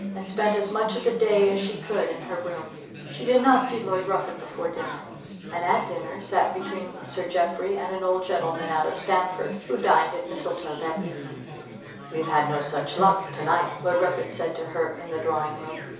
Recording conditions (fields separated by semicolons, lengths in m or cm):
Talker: one person; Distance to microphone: 3.0 m; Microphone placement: far; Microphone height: 1.8 m; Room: small (3.7 m by 2.7 m); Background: babble